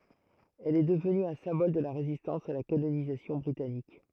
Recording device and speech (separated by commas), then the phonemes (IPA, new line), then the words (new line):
throat microphone, read sentence
ɛl ɛ dəvny œ̃ sɛ̃bɔl də la ʁezistɑ̃s a la kolonizasjɔ̃ bʁitanik
Elle est devenue un symbole de la résistance à la colonisation britannique.